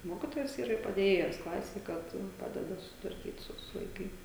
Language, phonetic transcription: Lithuanian, ˈmokitojas ˈyra ir padėˈjėjas klasėj ˈkad ˈpadeda susitvarˈkyt ˈsu su vaiˈkai

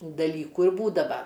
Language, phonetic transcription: Lithuanian, daˈlykų ir ˈbūdava

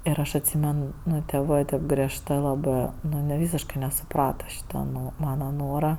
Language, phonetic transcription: Lithuanian, ir ˈaš atˈsymen ˈnu tėˈvɜ tėp griežˈtɜ laˈbɜ ˈnu anie ˈvysiškai nesuˈprata ˈšyta ˈnu ˈmana ˈnora

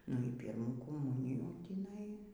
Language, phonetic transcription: Lithuanian, nu y ˈpyrmų koˈmunijų tįˈnai

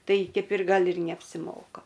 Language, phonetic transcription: Lithuanian, ˈtai ˈkeip ir ˈgal ir neapsiˈmoka

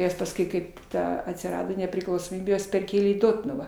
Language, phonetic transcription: Lithuanian, ˈjas pasˈkui ˈkaip ˈta atsiˈrado nepriklausoˈmybė ˈjuos perˈkėlė į ˈdotnuvą

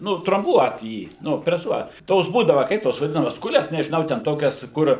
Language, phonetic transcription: Lithuanian, ˈnu tromˈbuot ˈjį ˈnu preˈsuot ˈtos ˈbūdava ˈkaip tos vaˈdinamas ˈkules nežiˈnau ten ˈtokias kur

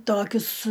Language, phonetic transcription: Lithuanian, ˈtokius

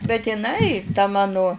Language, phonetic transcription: Lithuanian, bet iˈnai ta ˈmanu

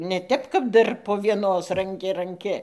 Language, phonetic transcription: Lithuanian, ne ˈtep kap ˈdar po vieˈnos ranˈki ranˈki

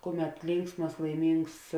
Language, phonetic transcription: Lithuanian, ˈkuˌmet ˈlinksmas laiˈmyngs

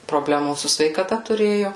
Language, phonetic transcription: Lithuanian, proˈblemų su sveikaˈta tuˈrėju

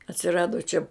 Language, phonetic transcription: Lithuanian, atsiˈrado čia

